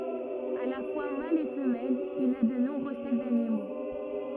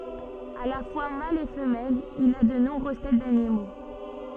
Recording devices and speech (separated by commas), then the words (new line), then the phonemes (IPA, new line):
rigid in-ear microphone, soft in-ear microphone, read sentence
À la fois mâle et femelle, il a de nombreuses têtes d'animaux.
a la fwa mal e fəmɛl il a də nɔ̃bʁøz tɛt danimo